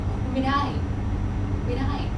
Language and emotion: Thai, sad